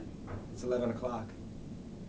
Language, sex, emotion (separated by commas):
English, male, neutral